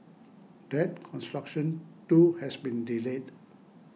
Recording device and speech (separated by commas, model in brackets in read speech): mobile phone (iPhone 6), read sentence